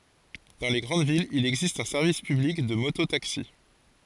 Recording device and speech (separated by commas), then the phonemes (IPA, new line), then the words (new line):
forehead accelerometer, read sentence
dɑ̃ le ɡʁɑ̃d vilz il ɛɡzist œ̃ sɛʁvis pyblik də moto taksi
Dans les grandes villes, il existe un service public de moto-taxis.